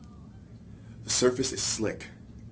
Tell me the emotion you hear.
neutral